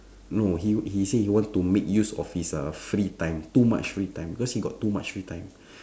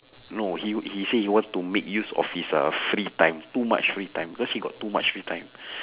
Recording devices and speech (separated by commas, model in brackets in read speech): standing microphone, telephone, conversation in separate rooms